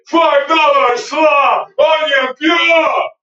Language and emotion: English, angry